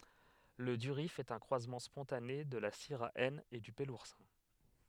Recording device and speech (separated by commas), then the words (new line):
headset microphone, read sentence
Le durif est un croisement spontané de la syrah N et du peloursin.